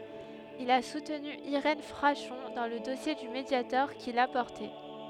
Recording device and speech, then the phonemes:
headset microphone, read sentence
il a sutny iʁɛn fʁaʃɔ̃ dɑ̃ lə dɔsje dy mədjatɔʁ kil a pɔʁte

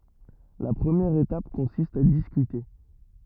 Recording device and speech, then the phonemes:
rigid in-ear microphone, read sentence
la pʁəmjɛʁ etap kɔ̃sist a diskyte

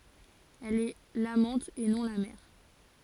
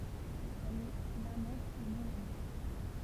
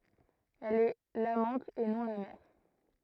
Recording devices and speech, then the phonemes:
forehead accelerometer, temple vibration pickup, throat microphone, read sentence
ɛl ɛ lamɑ̃t e nɔ̃ la mɛʁ

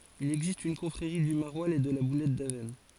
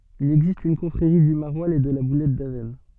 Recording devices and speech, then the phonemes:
forehead accelerometer, soft in-ear microphone, read sentence
il ɛɡzist yn kɔ̃fʁeʁi dy maʁwalz e də la bulɛt davɛsn

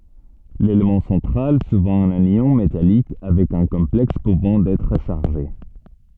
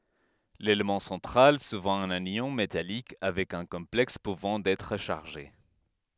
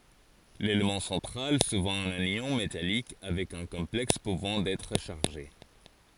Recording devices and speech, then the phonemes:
soft in-ear microphone, headset microphone, forehead accelerometer, read sentence
lelemɑ̃ sɑ̃tʁal suvɑ̃ œ̃n jɔ̃ metalik avɛk œ̃ kɔ̃plɛks puvɑ̃ ɛtʁ ʃaʁʒe

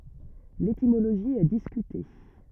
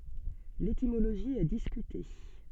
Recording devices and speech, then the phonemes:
rigid in-ear microphone, soft in-ear microphone, read sentence
letimoloʒi ɛ diskyte

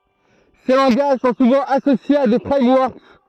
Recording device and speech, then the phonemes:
throat microphone, read sentence
se lɑ̃ɡaʒ sɔ̃ suvɑ̃ asosjez a de fʁɛmwɔʁk

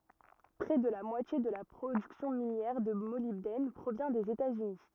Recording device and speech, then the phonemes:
rigid in-ear microphone, read sentence
pʁɛ də la mwatje də la pʁodyksjɔ̃ minjɛʁ də molibdɛn pʁovjɛ̃ dez etaz yni

